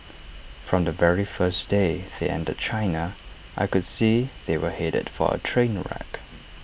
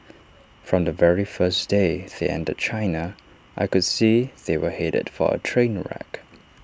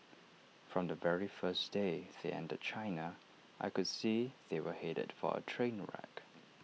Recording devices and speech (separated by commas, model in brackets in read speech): boundary microphone (BM630), standing microphone (AKG C214), mobile phone (iPhone 6), read sentence